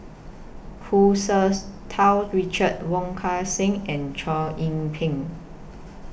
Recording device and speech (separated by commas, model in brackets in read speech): boundary microphone (BM630), read sentence